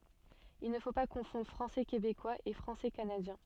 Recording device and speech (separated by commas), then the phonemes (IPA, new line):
soft in-ear microphone, read sentence
il nə fo pa kɔ̃fɔ̃dʁ fʁɑ̃sɛ kebekwaz e fʁɑ̃sɛ kanadjɛ̃